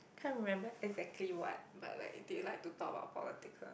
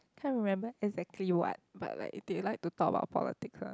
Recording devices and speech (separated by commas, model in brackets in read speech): boundary microphone, close-talking microphone, conversation in the same room